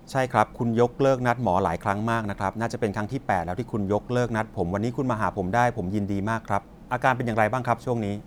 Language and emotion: Thai, frustrated